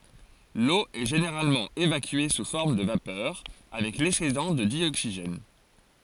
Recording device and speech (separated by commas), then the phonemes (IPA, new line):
forehead accelerometer, read sentence
lo ɛ ʒeneʁalmɑ̃ evakye su fɔʁm də vapœʁ avɛk lɛksedɑ̃ də djoksiʒɛn